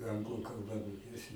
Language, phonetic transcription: Lithuanian, ˈanglu kalˈba moˈkėsi

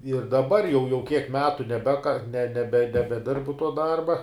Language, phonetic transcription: Lithuanian, ir daˈbar jau jau kiek ˈmetu neˈbeka ne ˈnebe nebeˈdirbu tuo ˈdarba

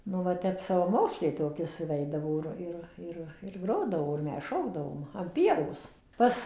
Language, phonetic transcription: Lithuanian, ˈnu va ˈtep savaˈmoksliai toˈki suˈveidavo ir ˈir ˈir ir ˈgrodavo ir ˈmes ˈšokdavom an ˈpievos ˈpas

